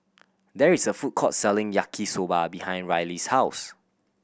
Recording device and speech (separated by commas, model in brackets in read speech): boundary microphone (BM630), read sentence